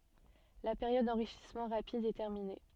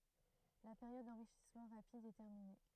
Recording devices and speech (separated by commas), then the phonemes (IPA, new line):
soft in-ear microphone, throat microphone, read sentence
la peʁjɔd dɑ̃ʁiʃismɑ̃ ʁapid ɛ tɛʁmine